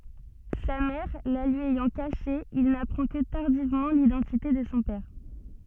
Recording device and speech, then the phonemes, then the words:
soft in-ear microphone, read sentence
sa mɛʁ la lyi ɛjɑ̃ kaʃe il napʁɑ̃ kə taʁdivmɑ̃ lidɑ̃tite də sɔ̃ pɛʁ
Sa mère la lui ayant cachée, il n'apprend que tardivement l'identité de son père.

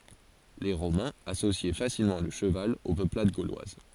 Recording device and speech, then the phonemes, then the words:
forehead accelerometer, read sentence
le ʁomɛ̃z asosjɛ fasilmɑ̃ lə ʃəval o pøplad ɡolwaz
Les Romains associaient facilement le cheval aux peuplades gauloises.

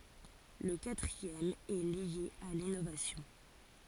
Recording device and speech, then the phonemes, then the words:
forehead accelerometer, read sentence
lə katʁiɛm ɛ lje a linovasjɔ̃
Le quatrième est lié à l’innovation.

